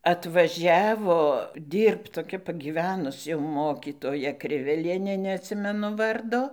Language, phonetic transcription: Lithuanian, atvaˈžiavo ˈdyrbt toˈkia pagyˈvenus jau ˈmokytoja ˈkrivelienė neatˈsimenu ˈvardo

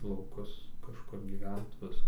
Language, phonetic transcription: Lithuanian, lauˈkus kažˈkur gyˈvent ˈvisa

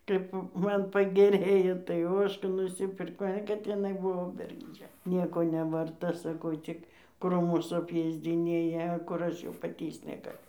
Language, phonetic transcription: Lithuanian, kaip ˈman pageˈrėjo tai ˈožką nusiˈpirkau a kad iˈnai ˈbuvo bergžˈdžia ˈnieko nevarˈta ˈsakau ˈcik ˈkrūmus apˈėsdzinėja kur ˈaš jau paˈtįsc negaˈliu

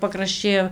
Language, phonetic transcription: Lithuanian, pakrašˈčiai o

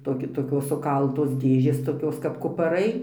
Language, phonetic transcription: Lithuanian, toˈki toˈkios suˈkaltos ˈdėžės toˈkios kap kupaˈrai

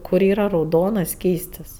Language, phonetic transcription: Lithuanian, ˈkur ˈyra rauˈdonas ˈskystis

